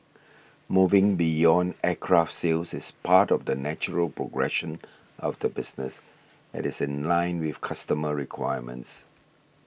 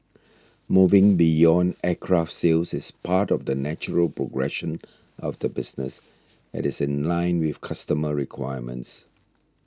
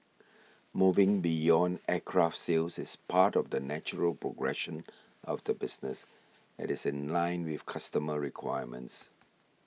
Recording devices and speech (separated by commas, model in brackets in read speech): boundary microphone (BM630), standing microphone (AKG C214), mobile phone (iPhone 6), read sentence